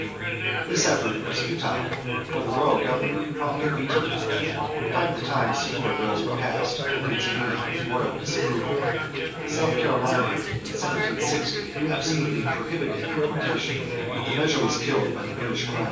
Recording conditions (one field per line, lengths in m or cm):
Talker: one person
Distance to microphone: 9.8 m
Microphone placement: far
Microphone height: 1.8 m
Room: large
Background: babble